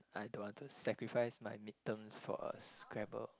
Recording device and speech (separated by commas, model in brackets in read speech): close-talking microphone, conversation in the same room